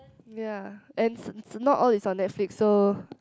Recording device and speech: close-talking microphone, conversation in the same room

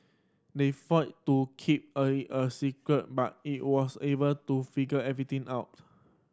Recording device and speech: standing microphone (AKG C214), read sentence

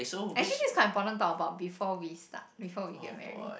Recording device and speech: boundary microphone, conversation in the same room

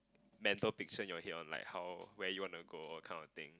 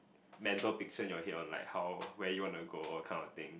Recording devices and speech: close-talking microphone, boundary microphone, conversation in the same room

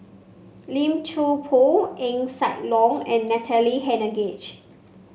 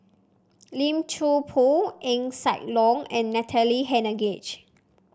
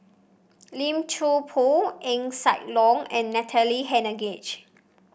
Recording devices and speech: mobile phone (Samsung C5), standing microphone (AKG C214), boundary microphone (BM630), read sentence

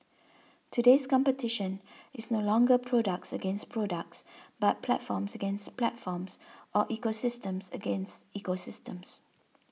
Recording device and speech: mobile phone (iPhone 6), read sentence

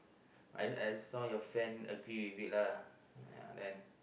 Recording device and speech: boundary microphone, conversation in the same room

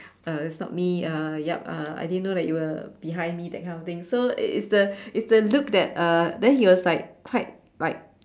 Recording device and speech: standing microphone, conversation in separate rooms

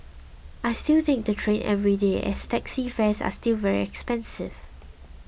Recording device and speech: boundary microphone (BM630), read sentence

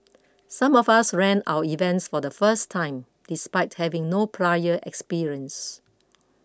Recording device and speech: close-talking microphone (WH20), read sentence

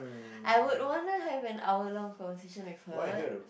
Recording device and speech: boundary microphone, conversation in the same room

